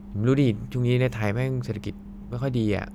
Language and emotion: Thai, frustrated